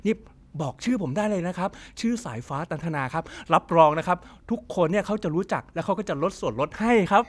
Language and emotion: Thai, happy